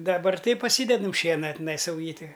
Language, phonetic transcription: Lithuanian, daˈbar ˈtai paˈsydedam ˈšiena tiˈnai sauˈjyti

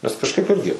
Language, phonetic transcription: Lithuanian, nes kažˈkaip ˈirgi

